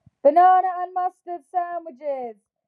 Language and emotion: English, neutral